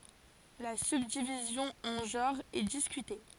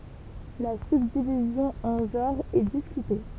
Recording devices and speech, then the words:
forehead accelerometer, temple vibration pickup, read sentence
La subdivision en genres est discutée.

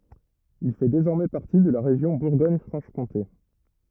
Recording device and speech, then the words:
rigid in-ear microphone, read sentence
Il fait désormais partie de la région Bourgogne-Franche-Comté.

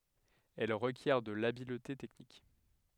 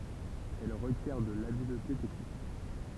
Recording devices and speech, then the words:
headset microphone, temple vibration pickup, read sentence
Elle requiert de l'habileté technique.

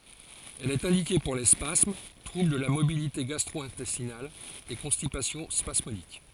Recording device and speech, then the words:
forehead accelerometer, read sentence
Elle est indiquée pour les spasmes, troubles de la motilité gastro-intestinale et constipation spasmodique.

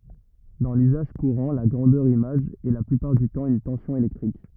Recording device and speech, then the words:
rigid in-ear microphone, read sentence
Dans l'usage courant, la grandeur image est la plupart du temps une tension électrique.

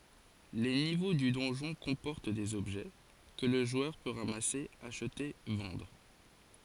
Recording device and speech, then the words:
forehead accelerometer, read sentence
Les niveaux du donjon comportent des objets, que le joueur peut ramasser, acheter, vendre.

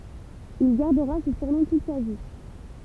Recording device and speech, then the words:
temple vibration pickup, read sentence
Il gardera ce surnom toute sa vie.

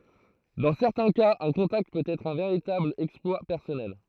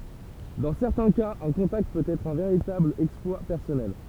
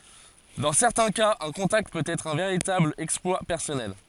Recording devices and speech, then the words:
throat microphone, temple vibration pickup, forehead accelerometer, read sentence
Dans certains cas un contact peut être un véritable exploit personnel.

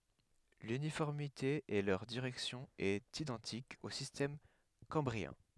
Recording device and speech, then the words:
headset microphone, read sentence
L'uniformité et leur direction est identique au système cambrien.

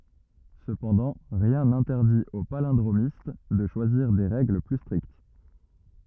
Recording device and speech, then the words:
rigid in-ear microphone, read sentence
Cependant, rien n'interdit au palindromiste de choisir des règles plus strictes.

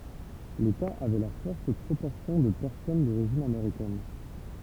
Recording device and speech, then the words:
temple vibration pickup, read sentence
L'État avait la forte proportion de personnes d'origine américaine.

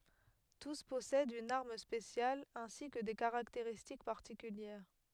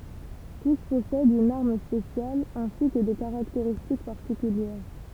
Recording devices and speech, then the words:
headset microphone, temple vibration pickup, read sentence
Tous possèdent une arme spéciale, ainsi que des caractéristiques particulières.

